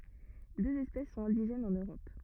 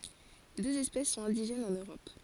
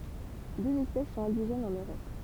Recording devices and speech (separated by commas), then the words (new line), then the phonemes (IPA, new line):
rigid in-ear microphone, forehead accelerometer, temple vibration pickup, read sentence
Deux espèces sont indigènes en Europe.
døz ɛspɛs sɔ̃t ɛ̃diʒɛnz ɑ̃n øʁɔp